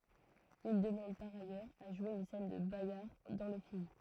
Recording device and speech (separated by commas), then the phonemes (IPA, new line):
throat microphone, read sentence
il dəmɑ̃d paʁ ajœʁz a ʒwe yn sɛn də baɡaʁ dɑ̃ lə film